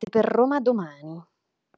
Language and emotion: Italian, neutral